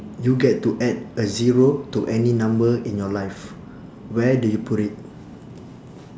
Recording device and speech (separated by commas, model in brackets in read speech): standing microphone, conversation in separate rooms